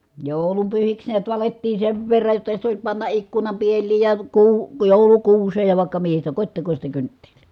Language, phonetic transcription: Finnish, jòu̬lumpyhiks niät valettii sev verraj jotta sit ‿oĺ panna ʼikkunam piel̀iij ja , kuu- , jòulukuuseej ja vài̮kka mihi sitä kot́tekośta kynttELLI .
- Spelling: joulunpyhiksi näet valettiin sen verran jotta sitten oli panna ikkunan pieliin ja - joulukuuseen ja vaikka mihin sitä kotitekoista kynttilää

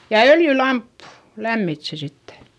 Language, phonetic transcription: Finnish, ja öljylamppU , lämmit se sitte .
- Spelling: ja öljylamppu lämmitti sen sitten

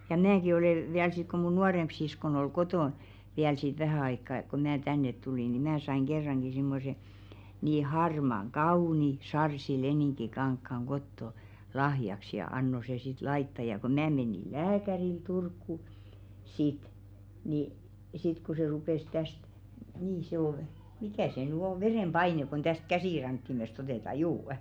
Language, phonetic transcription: Finnish, ja 'mäki olè 'viäl sit ku mun "nuaremp 'siskon ‿ol "kotòn , viäl sit 'vähä̀ aikka ko 'mää "tännet 'tulì ni 'mää saiŋ 'ɢerraŋɢi simmose , nii 'harmaŋ "kaùni 'sarsi'lenìŋki'kaŋkkaŋ 'ɢotto , 'lahjaks ja 'anno se sit 'laitta ja ko 'mⁿää menì "lääkäril Turkku , sit , ni , 'sit ku se 'rupès 'täst , nii se ‿ol , "mikä̀ se nỳ 'o 'verèm"ʙaineᵏ kon täst "käsìraŋkkimest otèta 'juu₍ᵊ .
- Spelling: ja minäkin olen vielä sitten kun minun nuorempi siskoni oli kotona vielä sitten vähän aikaa kun minä tänne tulin niin minä sain kerrankin semmoisen niin harmaan kauniin sarssileninkikankaan kotoa lahjaksi ja annoin se sitten laittaa ja kun minä menin lääkärille Turkuun sitten niin sitten kun se rupesi tästä niin se oli mikä se nyt on verenpaine kun tästä käsirankkimesta otetaan juu

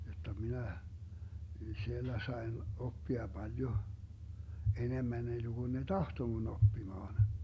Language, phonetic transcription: Finnish, jotta 'minä , 'siellä 'saen , 'oppia 'Baljo , 'enemmän enneGun ne "tahto mun 'oppimaan .
- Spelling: jotta minä siellä sain oppia paljon enemmän ennen kuin ne tahtoi minun oppimaan

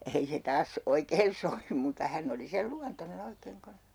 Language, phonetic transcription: Finnish, 'ei se 'taas , 'oikeen sovim mutta 'hänn ‿oli 'sel 'luantone'n ‿oikeeŋ (kans) .
- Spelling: ei se taas oikein sovi mutta hän oli sen luontoinen oikein kanssa

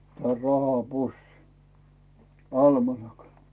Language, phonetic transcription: Finnish, ja 'raha"pussin , "almanakan̬ .
- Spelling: ja rahapussin almanakan

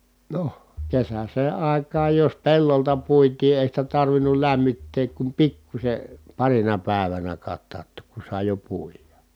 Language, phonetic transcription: Finnish, no , kesäsee ài̮k̀aaj jos pellolta puitii èi sitä tarvinul lämmitteek kum pikkuśe , parina pä̀evänä kattaattook ku sài̮ jo puija .
- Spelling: no kesäiseen aikaan jos pellolta puitiin ei sitä tarvinnut lämmittää kuin pikkuisen parina päivänä katauttaa kun sai jo puida

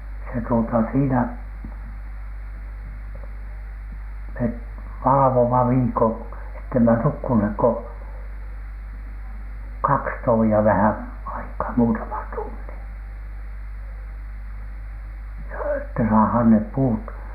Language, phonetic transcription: Finnish, ja , se tuota 'siinä , met 'valᵃvoma "viikon , ettemä nukkunhek ko , "kaks "tovi₍a vähän , 'aikaa , 'muutaman 'tunnin , joo että saahaan nep 'puut .
- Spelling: ja se tuota siinä me valvomme viikon että emme nukkuneet kuin kaksi tovia vähän aikaa muutaman tunnin joo että saadaan ne puut

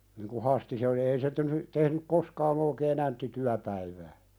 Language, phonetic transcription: Finnish, niŋ ku 'Hasti se oli ei se t(ehny) , tehnyk 'koskaan ‿ookee"n ‿ämtti 'tyäpäivää .
- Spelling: niin kun Hasti se oli ei se tehnyt tehnyt koskaan oikein jämtti työpäivää

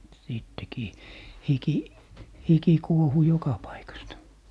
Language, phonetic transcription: Finnish, sìttekii , "hiki , "hiki , 'kuohu 'joka paikasta .
- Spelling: sittenkin hiki hiki kuohui joka paikasta

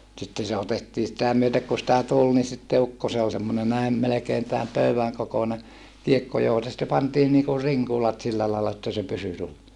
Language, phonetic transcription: Finnish, sitte se otettii sitä myötek ku sⁱtä tul ni sitte ukko se ol semmone näi̮ , melekeen tääm pöyäŋ kokone , kiekko (johoŋka sitte) pantiin niŋku riŋkulat sillä laalla että se pysy - - .
- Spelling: sitten se otettiin sitä myöten kuin sitä tuli niin sitten ukko se oli semmoinen näin melkein tämän pöydän kokoinen kiekko johon sitten pantiin niin kuin rinkulat sillä lailla että se pysyi

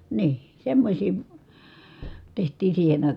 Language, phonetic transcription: Finnish, nii , semmośii , teht̀ii siihen ‿àikà .
- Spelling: niin semmoisia tehtiin siihen aikaan

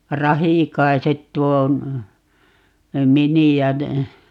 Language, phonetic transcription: Finnish, "Rahìkaiset tuo , "mini₍ä ne , .
- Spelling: Rahikaiset tuo miniä ne

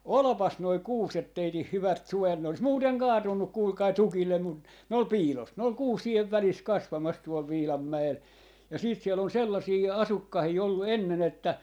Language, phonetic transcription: Finnish, » "olᵒpas noi "kuuset 'teitih "hyvät 'suojat » ne ‿olis 'muuteŋ "kaatunnuk 'kuulkai "tukillem mut , ne ol 'piilos , ne ol "kuusiev 'välis 'kasvamas tuol 'Viilammä₍el ja siit siel ‿on 'sellasii "asukkahii 'ollu "enne'n ‿että , .
- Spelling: olipas nuo kuuset teidän hyvät suojat ne olisi muuten kaatunut kuulkaa tukille mutta ne oli piilossa ne oli kuusien välissä kasvamassa tuolla Viilanmäellä ja sitten siellä on sellaisia asukkaita ollut ennen että

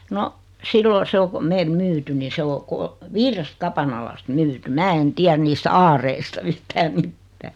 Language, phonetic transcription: Finnish, no , 'siilo 'se o ko 'meel "myytyn ni 'se o 'ko- , "viirest 'kapanalast "myyty "mää en "tiär niist "aareista '(v̳)yhtää "mittää .
- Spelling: no silloin se on kun meille myyty niin se on - viidestä kapanalasta myyty minä en tiedä niistä aareista yhtään mitään

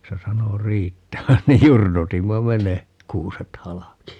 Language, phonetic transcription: Finnish, 'se 'sano "riittävän niij 'jurnutimma "me ne , "kuuset 'halaki .
- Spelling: se sanoi riittävän niin jurnutimme me ne kuuset halki

